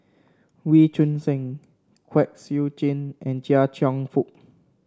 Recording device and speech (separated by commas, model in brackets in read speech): standing microphone (AKG C214), read sentence